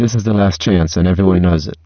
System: VC, spectral filtering